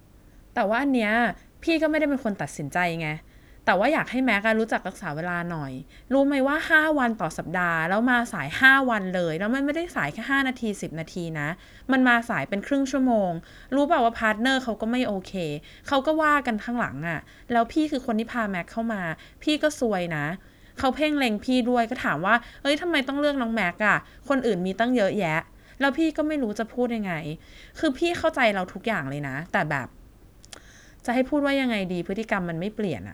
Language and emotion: Thai, frustrated